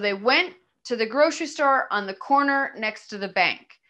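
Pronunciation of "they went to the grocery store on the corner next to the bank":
The sentence is said in groups of words that go together, with small pauses between the groups.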